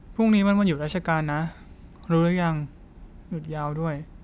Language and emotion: Thai, neutral